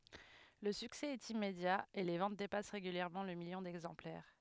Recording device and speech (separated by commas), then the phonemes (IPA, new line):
headset microphone, read sentence
lə syksɛ ɛt immedja e le vɑ̃t depas ʁeɡyljɛʁmɑ̃ lə miljɔ̃ dɛɡzɑ̃plɛʁ